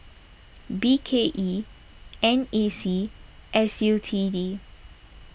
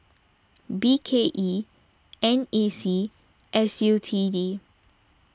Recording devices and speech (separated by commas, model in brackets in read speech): boundary microphone (BM630), standing microphone (AKG C214), read sentence